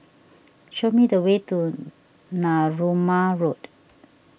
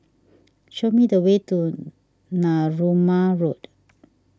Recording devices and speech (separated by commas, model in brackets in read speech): boundary microphone (BM630), standing microphone (AKG C214), read sentence